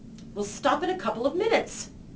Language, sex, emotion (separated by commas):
English, female, angry